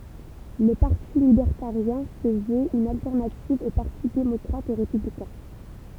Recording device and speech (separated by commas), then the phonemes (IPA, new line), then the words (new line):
temple vibration pickup, read sentence
lə paʁti libɛʁtaʁjɛ̃ sə vøt yn altɛʁnativ o paʁti demɔkʁat e ʁepyblikɛ̃
Le Parti libertarien se veut une alternative aux partis démocrate et républicain.